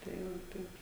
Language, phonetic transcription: Lithuanian, tai ˈvo ˈtaip

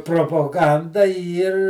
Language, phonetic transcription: Lithuanian, propoˈganda ˈyr

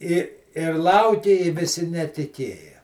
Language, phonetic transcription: Lithuanian, i ir ˈlaukė i viˈsi netiˈkėja

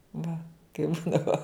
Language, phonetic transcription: Lithuanian, va kaip ˈbūdavo

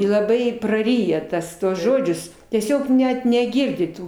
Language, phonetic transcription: Lithuanian, i laˈbai praˈryja ˈtas ˈtuos ˈžodžius tieˈsiog ˈnet neˈgirdi ˈtų

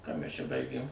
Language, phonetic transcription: Lithuanian, ką mæs čia ˈbaigėm

